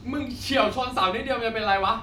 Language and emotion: Thai, angry